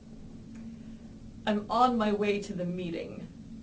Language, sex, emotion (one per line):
English
female
angry